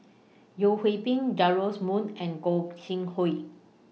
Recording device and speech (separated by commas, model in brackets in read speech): mobile phone (iPhone 6), read sentence